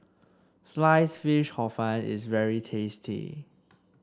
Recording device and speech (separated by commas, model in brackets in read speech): standing microphone (AKG C214), read sentence